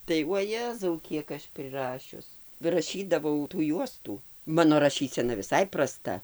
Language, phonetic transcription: Lithuanian, tai uoˈjezau ˈkiek aš priˈrašius raˈšydavau tų ˈjuostų ˈmano raˈšysena viˈsai praˈsta

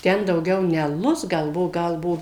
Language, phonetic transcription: Lithuanian, ˈten dauˈgiau ne aˈlus ˈgal ˈbuo ˈgal ˈbuo

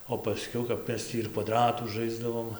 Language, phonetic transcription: Lithuanian, o paˈskiau kap ˈmes tį ir kvaˈdratų ˈžaisdavom

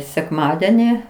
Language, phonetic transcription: Lithuanian, sekˈmadeni

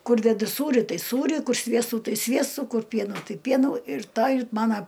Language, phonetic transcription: Lithuanian, ˈkur deˈdu ˈsūri ˈtai ˈsūri ˈkur ˈsviestų ˈtai ˈsviestų ˈkur ˈpienų ˈtai ˈpienų ir ˈtą ir ˈmana

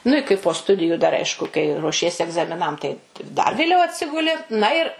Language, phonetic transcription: Lithuanian, nu i kai po ˈstudiju dar ˈaišku kai ruoˈšiesi egzamiˈnam tai dar vėˈliau atˈsiguli na ir

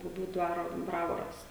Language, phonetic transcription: Lithuanian, buˈbių ˈdvaro ˈbravoras

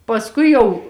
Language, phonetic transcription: Lithuanian, pasˈkui jau

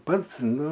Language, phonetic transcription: Lithuanian, ˈpats ˈnu

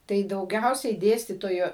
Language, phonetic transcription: Lithuanian, tai dauˈgiausiai ˈdėstytoju

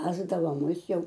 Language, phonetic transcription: Lithuanian, ˈvesdavo ˈmus ˈjau

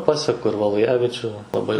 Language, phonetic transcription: Lithuanian, ˈpaseku ir valujaviˈčių laˈbai

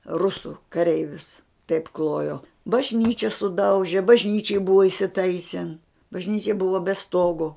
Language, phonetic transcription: Lithuanian, ˈrusu kaˈreivius taip ˈklojo bažˈnyči suˈdauži bažˈnyčij ˈbuva isiˈtaisin bažˈnyčia ˈbuva be ˈstogo

